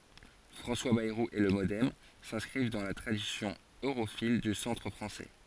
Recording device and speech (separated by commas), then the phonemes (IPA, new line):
forehead accelerometer, read sentence
fʁɑ̃swa bɛʁu e lə modɛm sɛ̃skʁiv dɑ̃ la tʁadisjɔ̃ øʁofil dy sɑ̃tʁ fʁɑ̃sɛ